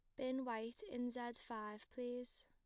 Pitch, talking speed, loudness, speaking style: 245 Hz, 160 wpm, -47 LUFS, plain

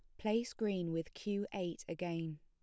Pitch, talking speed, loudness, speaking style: 180 Hz, 165 wpm, -40 LUFS, plain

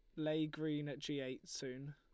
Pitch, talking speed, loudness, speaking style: 145 Hz, 210 wpm, -43 LUFS, Lombard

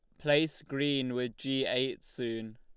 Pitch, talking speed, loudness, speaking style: 130 Hz, 150 wpm, -32 LUFS, Lombard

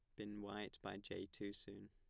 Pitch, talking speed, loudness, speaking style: 100 Hz, 210 wpm, -50 LUFS, plain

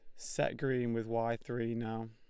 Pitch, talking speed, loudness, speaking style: 115 Hz, 190 wpm, -36 LUFS, Lombard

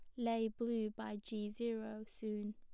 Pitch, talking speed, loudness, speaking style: 220 Hz, 155 wpm, -42 LUFS, plain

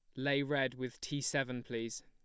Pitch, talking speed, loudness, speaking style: 135 Hz, 195 wpm, -37 LUFS, plain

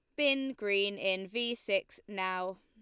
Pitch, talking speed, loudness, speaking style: 200 Hz, 150 wpm, -32 LUFS, Lombard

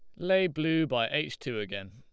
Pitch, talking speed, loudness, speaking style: 150 Hz, 210 wpm, -29 LUFS, Lombard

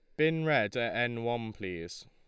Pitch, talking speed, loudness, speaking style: 120 Hz, 190 wpm, -31 LUFS, Lombard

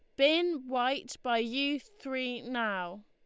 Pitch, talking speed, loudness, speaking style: 250 Hz, 125 wpm, -31 LUFS, Lombard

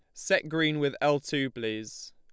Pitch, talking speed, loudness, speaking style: 145 Hz, 190 wpm, -28 LUFS, Lombard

